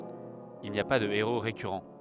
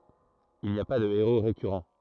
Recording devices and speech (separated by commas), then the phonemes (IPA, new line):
headset microphone, throat microphone, read sentence
il ni a pa də eʁo ʁekyʁɑ̃